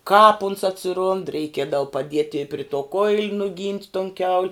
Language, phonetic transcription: Lithuanian, kāp uns atsiˈrund reiˈkiedavu paˈdieti i pri to koil' nuˈgynt' ton kiaul'

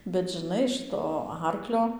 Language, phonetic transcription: Lithuanian, bet žiˈnai ˈšɨto ˈarklio

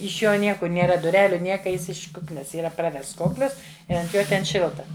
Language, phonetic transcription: Lithuanian, iš ˈjo ˈniekur nėˈra duˈreliu ˈnieka ˈjis iš ˈkuknes yˈra ˈpravests ˈkoklis ˈi ant ˈjo ten ˈšilta

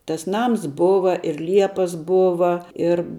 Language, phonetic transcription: Lithuanian, tas ˈnams ˈbova ir ˈliepas ˈbova ir

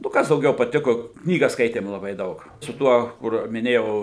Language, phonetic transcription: Lithuanian, nu ˈkas dauˈgiau paˈtiko ˈknygas ˈskaitėm laˈbai ˈdaug su ˈtuo kur miˈnėjau

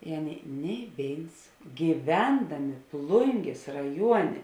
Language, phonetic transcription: Lithuanian, i ˈaˌnėi nei ˈvėins gyˈvendamė ˈplungės raˈjuonė

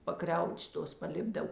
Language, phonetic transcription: Lithuanian, paˈkriauč ˈtos paˈlipdav

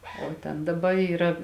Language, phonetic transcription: Lithuanian, o ˈten daˈba yˈra

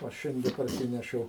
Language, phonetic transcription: Lithuanian, ˈo ˈšiande parˈsinešiau

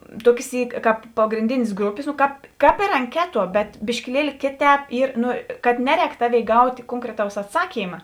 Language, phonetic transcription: Lithuanian, ˈtuokės ˈy ˈkāp pagrinˈdinės ˈgrupės no ˈkāp ˈkāp ir anˈkeˌtuo bet biškiˈlieli ˈkėˌtēp ˈyr ˈnu kad ˈneˌrēk ˈtaˌvėi ˈgaut' ˈkonkreˌtaus atˈsakyma

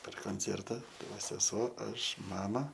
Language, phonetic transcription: Lithuanian, per konˈcerta ˈtai ˈva seˈsuo ˈaš ˈmama

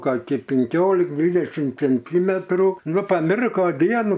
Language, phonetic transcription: Lithuanian, kaˈki pinˈkiolik ˈdvydešim cenˈtymetrų ˈnu paˈmirko ˈdienu

